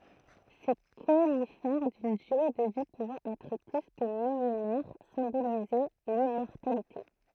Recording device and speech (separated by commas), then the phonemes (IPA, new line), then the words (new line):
throat microphone, read sentence
se konifɛʁ dyn dyʁe də vi puvɑ̃ ɛtʁ ply kə milenɛʁ sɛ̃bolizɛ limmɔʁtalite
Ces conifères d’une durée de vie pouvant être plus que millénaire symbolisaient l’immortalité.